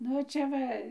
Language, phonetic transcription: Lithuanian, ˈnu ˈčia ˈva

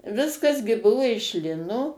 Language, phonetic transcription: Lithuanian, ˈviskas gi ˈbuvu iš ˈlino

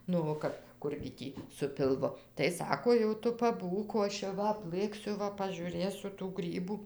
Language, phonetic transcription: Lithuanian, nu o ˈkap ˈkurgi ˈtį su pilˈvu tai ˈsako jau ˈtu paˈbūk o ˈaš jau ˈva apˈlɘksiu ˈva pažiūˈrėsiu tų ˈgrybų

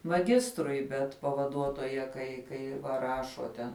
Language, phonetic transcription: Lithuanian, maˈgistrui ˈbet pavaˈduotoja kai ˈkai va ˈrašo ten

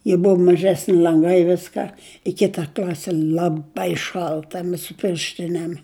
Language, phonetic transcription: Lithuanian, ji ˈbuvu maˈžesni l'anˈgai ˈviska i ˈkita ˈkl'asi laˈbai ˈšalta ˈmes su ˈpirštinėm

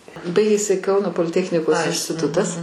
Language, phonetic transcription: Lithuanian, ˈbaigėsi ˈkauno poliˈtechnikos instiˈtutas

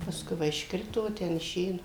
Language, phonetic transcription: Lithuanian, paˈskui ˈva išˈkrito ˈten iˈšė ˈnu

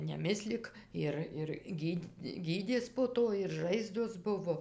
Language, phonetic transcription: Lithuanian, neˈmislik ˈir ir ˈgyd' ˈgydės po ˈto ir ˈžaizdos ˈbuvo

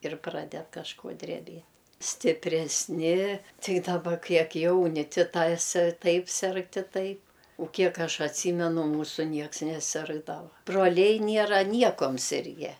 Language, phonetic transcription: Lithuanian, ir ˈpraded kažˈko dreˈbiet stipresˈni ˈtai daˈba ˈkiek ˈjauni ˈti ˈtas ˈtaip ˈserg ti ˈtaip u ˈkiek ˈaš atˈsymenu ˈmūsu ˈnieks neˈsirgdava broˈliai ˈniera ˈniekom ˈsirge

